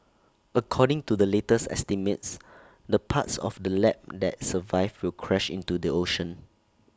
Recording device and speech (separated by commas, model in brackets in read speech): standing microphone (AKG C214), read sentence